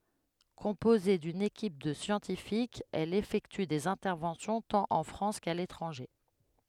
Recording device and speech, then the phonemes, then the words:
headset microphone, read sentence
kɔ̃poze dyn ekip də sjɑ̃tifikz ɛl efɛkty dez ɛ̃tɛʁvɑ̃sjɔ̃ tɑ̃t ɑ̃ fʁɑ̃s ka letʁɑ̃ʒe
Composée d'une équipe de scientifiques, elle effectue des interventions tant en France qu'à l'étranger.

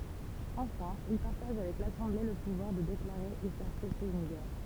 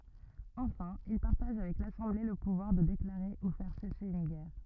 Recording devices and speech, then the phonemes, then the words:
temple vibration pickup, rigid in-ear microphone, read sentence
ɑ̃fɛ̃ il paʁtaʒ avɛk lasɑ̃ble lə puvwaʁ də deklaʁe u fɛʁ sɛse yn ɡɛʁ
Enfin, il partage avec l'Assemblée le pouvoir de déclarer ou faire cesser une guerre.

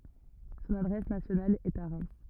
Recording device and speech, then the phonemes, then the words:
rigid in-ear microphone, read sentence
sɔ̃n adʁɛs nasjonal ɛt a ʁɛm
Son adresse nationale est à Reims.

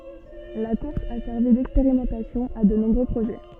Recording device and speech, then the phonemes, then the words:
soft in-ear microphone, read sentence
la kuʁs a sɛʁvi dɛkspeʁimɑ̃tasjɔ̃ a də nɔ̃bʁø pʁoʒɛ
La course a servi d'expérimentation à de nombreux projets.

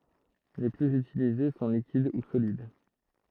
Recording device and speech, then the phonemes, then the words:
throat microphone, read sentence
le plyz ytilize sɔ̃ likid u solid
Les plus utilisés sont liquides ou solides.

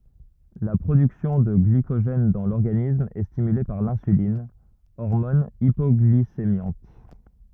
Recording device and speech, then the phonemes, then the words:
rigid in-ear microphone, read sentence
la pʁodyksjɔ̃ də ɡlikoʒɛn dɑ̃ lɔʁɡanism ɛ stimyle paʁ lɛ̃sylin ɔʁmɔn ipɔɡlisemjɑ̃t
La production de glycogène dans l'organisme est stimulée par l'insuline, hormone hypoglycémiante.

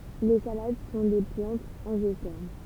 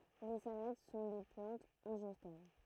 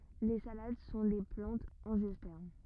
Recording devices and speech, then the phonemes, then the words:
temple vibration pickup, throat microphone, rigid in-ear microphone, read sentence
le salad sɔ̃ de plɑ̃tz ɑ̃ʒjɔspɛʁm
Les salades sont des plantes angiospermes.

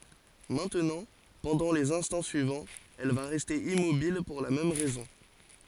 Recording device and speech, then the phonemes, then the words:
forehead accelerometer, read sentence
mɛ̃tnɑ̃ pɑ̃dɑ̃ lez ɛ̃stɑ̃ syivɑ̃z ɛl va ʁɛste immobil puʁ la mɛm ʁɛzɔ̃
Maintenant, pendant les instants suivants, elle va rester immobile pour la même raison.

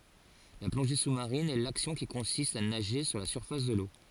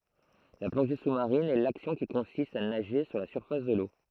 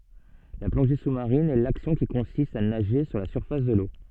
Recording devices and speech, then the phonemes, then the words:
forehead accelerometer, throat microphone, soft in-ear microphone, read sentence
la plɔ̃ʒe susmaʁin ɛ laksjɔ̃ ki kɔ̃sist a naʒe su la syʁfas də lo
La plongée sous-marine est l'action qui consiste à nager sous la surface de l'eau.

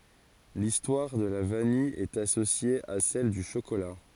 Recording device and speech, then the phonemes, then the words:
forehead accelerometer, read sentence
listwaʁ də la vanij ɛt asosje a sɛl dy ʃokola
L'histoire de la vanille est associée à celle du chocolat.

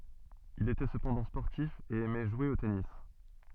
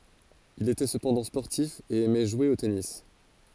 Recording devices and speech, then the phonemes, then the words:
soft in-ear microphone, forehead accelerometer, read sentence
il etɛ səpɑ̃dɑ̃ spɔʁtif e ɛmɛ ʒwe o tenis
Il était cependant sportif et aimait jouer au tennis.

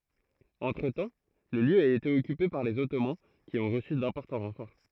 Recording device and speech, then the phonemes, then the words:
throat microphone, read sentence
ɑ̃tʁətɑ̃ lə ljø a ete ɔkype paʁ lez ɔtoman ki ɔ̃ ʁəsy dɛ̃pɔʁtɑ̃ ʁɑ̃fɔʁ
Entretemps, le lieu a été occupé par les Ottomans qui ont reçu d'importants renforts.

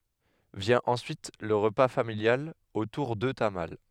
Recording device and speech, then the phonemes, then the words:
headset microphone, read sentence
vjɛ̃ ɑ̃syit lə ʁəpa familjal otuʁ də tamal
Vient ensuite le repas familial autour de tamales.

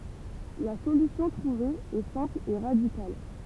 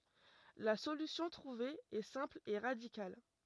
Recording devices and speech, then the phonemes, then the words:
temple vibration pickup, rigid in-ear microphone, read sentence
la solysjɔ̃ tʁuve ɛ sɛ̃pl e ʁadikal
La solution trouvée est simple et radicale.

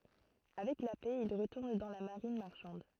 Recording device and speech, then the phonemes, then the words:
throat microphone, read sentence
avɛk la pɛ il ʁətuʁn dɑ̃ la maʁin maʁʃɑ̃d
Avec la paix, il retourne dans la marine marchande.

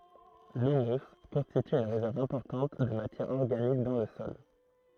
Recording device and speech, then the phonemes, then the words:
throat microphone, read sentence
lymys kɔ̃stity yn ʁezɛʁv ɛ̃pɔʁtɑ̃t də matjɛʁ ɔʁɡanik dɑ̃ lə sɔl
L'humus constitue une réserve importante de matière organique dans le sol.

